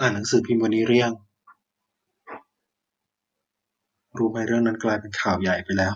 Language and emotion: Thai, neutral